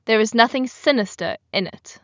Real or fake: real